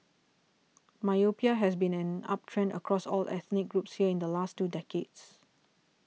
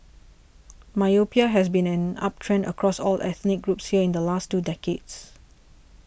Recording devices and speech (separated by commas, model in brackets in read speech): mobile phone (iPhone 6), boundary microphone (BM630), read sentence